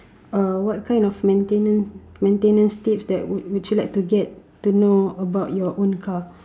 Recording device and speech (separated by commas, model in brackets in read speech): standing microphone, conversation in separate rooms